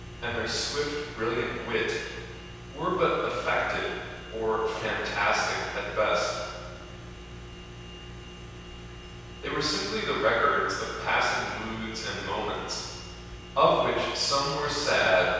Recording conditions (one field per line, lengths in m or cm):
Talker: one person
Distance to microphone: 7.1 m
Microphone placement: far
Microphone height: 1.7 m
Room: very reverberant, large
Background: none